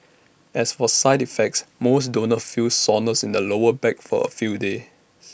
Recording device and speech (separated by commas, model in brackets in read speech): boundary microphone (BM630), read sentence